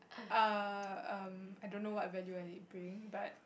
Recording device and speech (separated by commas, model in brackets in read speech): boundary microphone, conversation in the same room